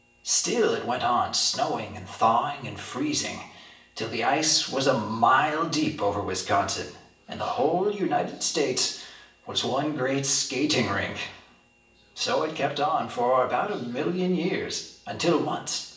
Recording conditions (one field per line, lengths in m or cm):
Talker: one person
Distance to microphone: 1.8 m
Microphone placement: close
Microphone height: 1.0 m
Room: large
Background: television